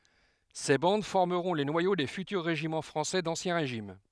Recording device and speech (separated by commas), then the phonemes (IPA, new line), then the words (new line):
headset microphone, read sentence
se bɑ̃d fɔʁməʁɔ̃ le nwajo de fytyʁ ʁeʒimɑ̃ fʁɑ̃sɛ dɑ̃sjɛ̃ ʁeʒim
Ces bandes formeront les noyaux des futurs régiments français d'Ancien Régime.